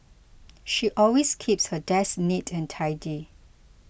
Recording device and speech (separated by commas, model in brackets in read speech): boundary microphone (BM630), read sentence